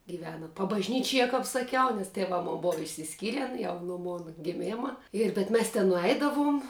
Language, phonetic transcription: Lithuanian, gyˈvena pabažˈnyčie kap saˈkiau nes teˈvā ˈmon ˈbova išsisˈkyren jau no ˈmona giˈmėma ir bet ˈmes ten nuˈeidavum

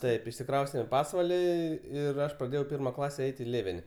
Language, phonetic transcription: Lithuanian, ˈtaip išsiˈkraustem į ˈpasvalį ˈir ˈaš praˈdėjau ˈpirma ˈklase ˈeit' į ˈlėveni

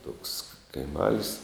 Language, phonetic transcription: Lithuanian, toks kaiˈmal's'

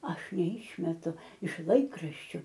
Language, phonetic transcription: Lithuanian, ˈaš neˈišmetu iš ˈlaikraščiu

